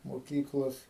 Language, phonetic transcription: Lithuanian, moˈkyklos

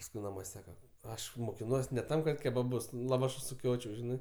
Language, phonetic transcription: Lithuanian, pasˈkui naˈmuos' ˈsaka ˈaš mokiˈnuos ne ˈtam kad kebaˈbus laˈvašus suˈkiočiau ˈžinɜ

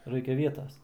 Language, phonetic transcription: Lithuanian, ˈraikia ˈvietas

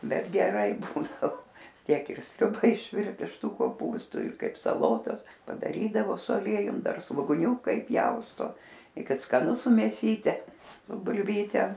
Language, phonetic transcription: Lithuanian, ˈbet geˈrai ˈbūdavo ˈtiek ir ˈsriuba išˈvirt iš ˈtų koˈpūstų ir ˈkaip saˈlotas padaˈrydavo su aˈliejum ˈdar svoguˈniūka iˈpjausto i ˈkad skaˈnu su mėˈsyte su bulˈvyte

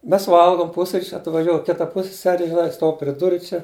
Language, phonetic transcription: Lithuanian, ˈmes ˈvalgom ˈpusryč' atvaˈžioj ˈkita ˈpusseseri žiˈnai ˈstuov pri ˈduru ˈčia

